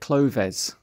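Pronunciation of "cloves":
The word 'clothes' is pronounced incorrectly here: it is said as 'cloves'.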